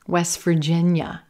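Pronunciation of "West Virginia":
In 'West Virginia', the t at the end of 'West' is not really heard; it disappears between the s and the v. The emphasis is on 'Virginia', not on 'West'.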